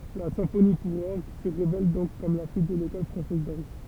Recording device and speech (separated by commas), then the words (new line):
temple vibration pickup, read sentence
La symphonie pour orgue se révèle donc comme la fille de l'école française d'orgue.